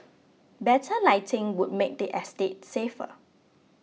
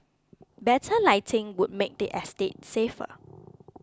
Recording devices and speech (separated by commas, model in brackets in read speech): mobile phone (iPhone 6), close-talking microphone (WH20), read sentence